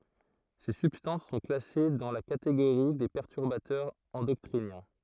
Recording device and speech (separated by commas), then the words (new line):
throat microphone, read sentence
Ces substances sont classées dans la catégorie des perturbateurs endocriniens.